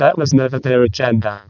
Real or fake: fake